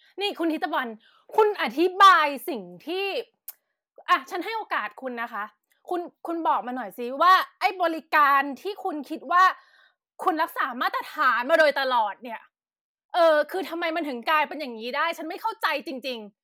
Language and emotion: Thai, angry